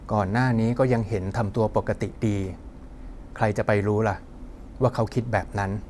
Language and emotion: Thai, frustrated